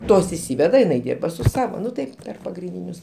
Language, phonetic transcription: Lithuanian, ˈtos išˈsyveda o iˈnai ˈdyrba su ˈsavo ˈnu tai ˈper pagrinˈdynius

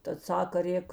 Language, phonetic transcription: Lithuanian, tad ˈsaka ˈrėk

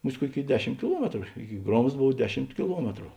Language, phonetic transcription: Lithuanian, ˈmus't' ˈkuoˌkėi ˈdeˌšim kiˈluometru ˈiki ˈgromzds ˈbov ˈdeˌšimt kiˈluometru

